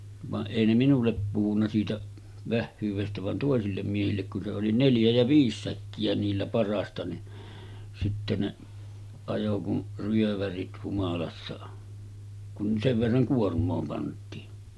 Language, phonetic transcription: Finnish, vaˀ 'ˀèi ne 'minullep puhunna siitä , 'vähhyyvestä van 'tòesillem miehillek kun se oli 'neljä jä 'viis 'säkki₍ä niillä par̀aasta ni , sitte ne , 'ajo kun , 'ryövärit 'humalassa , kun 'sev verraŋ 'kuorm̆moo pant̀iin .
- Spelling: vaan ei ne minulle puhunut siitä vähyydestä vaan toisille miehille kun se oli neljä ja viisi säkkiä niillä parhaasta niin sitten ne ajoi kuin ryövärit humalassa kun sen verran kuormaa pantiin

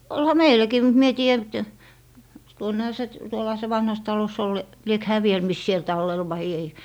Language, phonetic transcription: Finnish, 'olha "meil̀äkii mut 'mie en 'tii₍ä (nyt) , 'tuonneha se t- , 'tuollaha se 'vanhas 'talos ol , 'liek 'hää 'viel mis siel 'tallel vai ei .
- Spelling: olihan meilläkin mutta minä en tiedä nyt tuonnehan se - tuollahan se vanhassa talossa oli liekö hän vielä missä siellä tallella vai ei

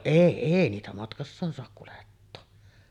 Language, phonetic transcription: Finnish, "èi , 'èi niitä 'matkassaan soak kulettoo .
- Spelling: ei ei niitä matkassaan saa kuljettaa

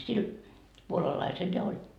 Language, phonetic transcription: Finnish, 'sil , 'puolalaisel ja oĺ ,.
- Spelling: sillä puolalaisella ja oli

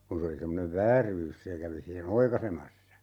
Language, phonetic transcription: Finnish, 'kun se oli 'semmonev "vääryys 'se kävi 'sihe"n ‿oikaisemassa .
- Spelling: kun se oli semmoinen vääryys se kävi siihen oikaisemassa

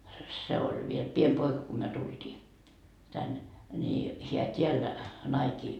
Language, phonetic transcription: Finnish, se oĺ viel 'piem 'poika ko myö 'tultii , 'tänne , ni , heä 't́iäl 'naikii .
- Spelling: se oli vielä pieni poika kun me tultiin tänne niin hän täällä naikin

